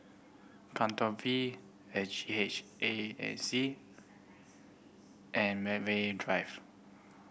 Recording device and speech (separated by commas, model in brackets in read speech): boundary microphone (BM630), read sentence